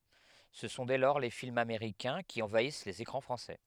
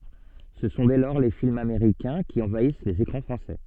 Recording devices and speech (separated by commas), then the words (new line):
headset microphone, soft in-ear microphone, read sentence
Ce sont dès lors les films américains qui envahissent les écrans français.